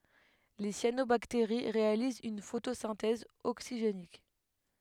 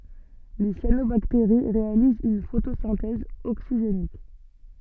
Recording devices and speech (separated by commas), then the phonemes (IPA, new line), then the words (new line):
headset microphone, soft in-ear microphone, read sentence
le sjanobakteʁi ʁealizt yn fotosɛ̃tɛz oksiʒenik
Les cyanobactéries réalisent une photosynthèse oxygénique.